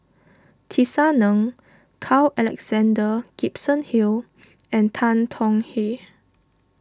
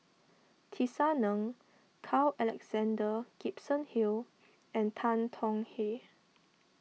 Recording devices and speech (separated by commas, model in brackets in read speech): standing microphone (AKG C214), mobile phone (iPhone 6), read sentence